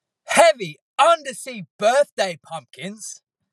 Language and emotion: English, disgusted